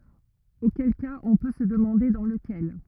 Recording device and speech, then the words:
rigid in-ear microphone, read sentence
Auquel cas on peut se demander dans lequel.

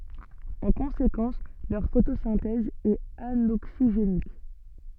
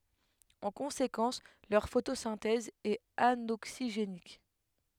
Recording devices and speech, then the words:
soft in-ear microphone, headset microphone, read sentence
En conséquence leur photosynthèse est anoxygénique.

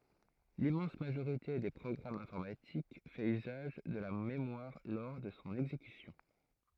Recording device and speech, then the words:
throat microphone, read sentence
L'immense majorité des programmes informatiques fait usage de la mémoire lors de son exécution.

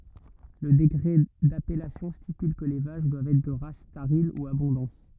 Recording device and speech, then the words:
rigid in-ear microphone, read sentence
Le décret d'appellation stipule que les vaches doivent être de race tarine ou abondance.

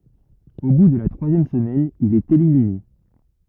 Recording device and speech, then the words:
rigid in-ear microphone, read sentence
Au bout de la troisième semaine, il est éliminé.

